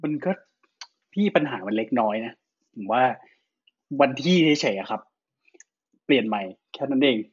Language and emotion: Thai, frustrated